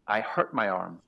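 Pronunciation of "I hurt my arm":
'I hurt my arm' is pronounced correctly here.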